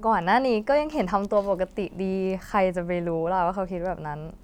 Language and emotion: Thai, neutral